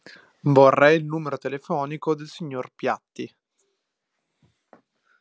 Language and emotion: Italian, neutral